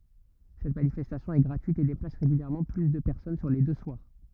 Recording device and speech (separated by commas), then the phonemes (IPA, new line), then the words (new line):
rigid in-ear microphone, read sentence
sɛt manifɛstasjɔ̃ ɛ ɡʁatyit e deplas ʁeɡyljɛʁmɑ̃ ply də pɛʁsɔn syʁ le dø swaʁ
Cette manifestation est gratuite et déplace régulièrement plus de personnes sur les deux soirs.